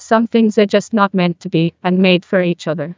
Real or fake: fake